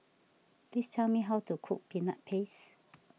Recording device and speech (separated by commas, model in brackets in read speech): mobile phone (iPhone 6), read sentence